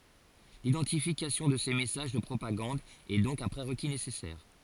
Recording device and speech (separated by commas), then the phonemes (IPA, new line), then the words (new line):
forehead accelerometer, read sentence
lidɑ̃tifikasjɔ̃ də se mɛsaʒ də pʁopaɡɑ̃d ɛ dɔ̃k œ̃ pʁeʁki nesɛsɛʁ
L'identification de ces messages de propagande est donc un prérequis nécessaire.